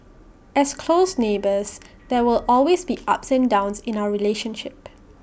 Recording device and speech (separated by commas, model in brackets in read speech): boundary microphone (BM630), read sentence